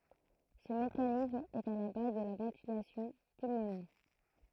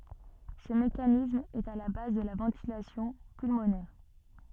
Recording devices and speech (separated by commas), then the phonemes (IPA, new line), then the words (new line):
throat microphone, soft in-ear microphone, read sentence
sə mekanism ɛt a la baz də la vɑ̃tilasjɔ̃ pylmonɛʁ
Ce mécanisme est à la base de la ventilation pulmonaire.